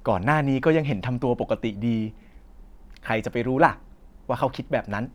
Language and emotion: Thai, neutral